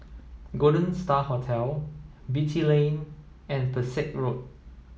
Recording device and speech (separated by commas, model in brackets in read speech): mobile phone (iPhone 7), read sentence